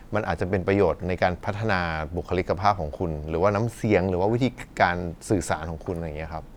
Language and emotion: Thai, neutral